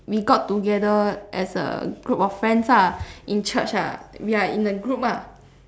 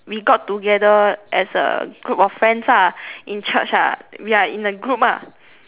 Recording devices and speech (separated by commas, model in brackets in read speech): standing microphone, telephone, conversation in separate rooms